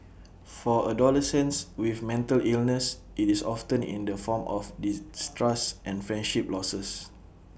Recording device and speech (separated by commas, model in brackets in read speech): boundary microphone (BM630), read sentence